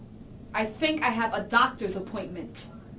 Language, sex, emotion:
English
female
angry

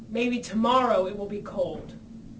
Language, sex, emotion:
English
female
neutral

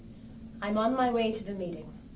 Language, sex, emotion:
English
female
neutral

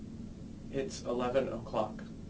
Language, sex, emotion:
English
male
neutral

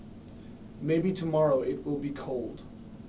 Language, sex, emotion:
English
male
neutral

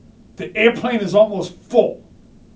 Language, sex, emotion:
English
male
angry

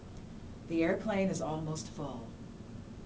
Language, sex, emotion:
English
female
neutral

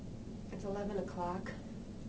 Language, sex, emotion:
English
female
neutral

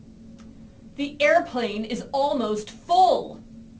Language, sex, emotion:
English
female
angry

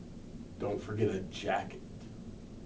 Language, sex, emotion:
English
male
disgusted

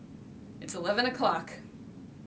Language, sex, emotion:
English
female
neutral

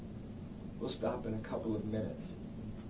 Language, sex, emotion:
English
male
neutral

